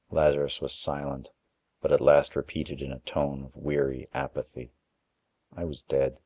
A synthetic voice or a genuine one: genuine